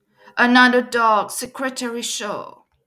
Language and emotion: English, sad